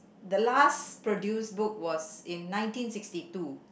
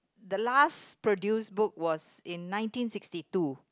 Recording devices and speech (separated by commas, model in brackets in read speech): boundary microphone, close-talking microphone, conversation in the same room